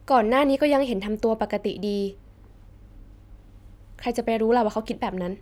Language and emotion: Thai, neutral